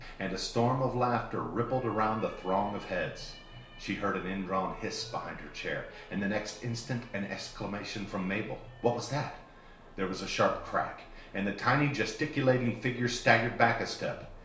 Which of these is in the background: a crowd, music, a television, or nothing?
A television.